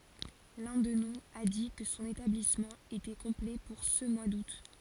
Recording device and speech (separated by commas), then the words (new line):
forehead accelerometer, read sentence
L'un d'eux nous a dit que son établissement était complet pour ce mois d'août.